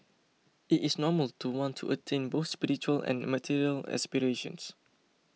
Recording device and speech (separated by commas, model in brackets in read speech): mobile phone (iPhone 6), read sentence